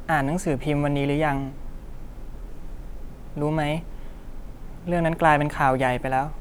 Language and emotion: Thai, frustrated